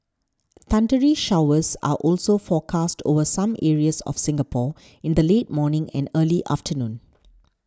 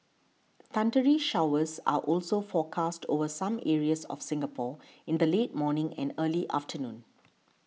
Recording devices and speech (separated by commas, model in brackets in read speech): standing microphone (AKG C214), mobile phone (iPhone 6), read sentence